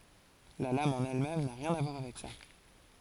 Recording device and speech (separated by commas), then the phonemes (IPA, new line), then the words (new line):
forehead accelerometer, read sentence
la lam ɑ̃n ɛl mɛm na ʁjɛ̃n a vwaʁ avɛk sa
La lame en elle-même n'a rien à voir avec ça.